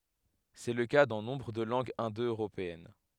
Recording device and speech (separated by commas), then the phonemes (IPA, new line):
headset microphone, read sentence
sɛ lə ka dɑ̃ nɔ̃bʁ də lɑ̃ɡz ɛ̃do øʁopeɛn